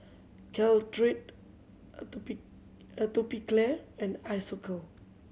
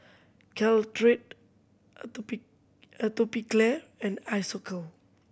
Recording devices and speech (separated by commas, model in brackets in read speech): mobile phone (Samsung C7100), boundary microphone (BM630), read sentence